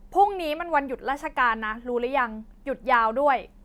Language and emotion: Thai, angry